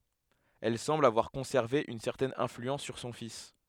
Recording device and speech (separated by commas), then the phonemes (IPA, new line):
headset microphone, read sentence
ɛl sɑ̃bl avwaʁ kɔ̃sɛʁve yn sɛʁtɛn ɛ̃flyɑ̃s syʁ sɔ̃ fis